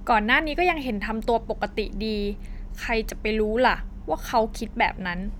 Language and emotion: Thai, neutral